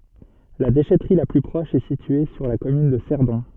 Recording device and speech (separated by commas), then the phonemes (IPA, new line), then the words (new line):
soft in-ear microphone, read sentence
la deʃɛtʁi la ply pʁɔʃ ɛ sitye syʁ la kɔmyn də sɛʁdɔ̃
La déchèterie la plus proche est située sur la commune de Cerdon.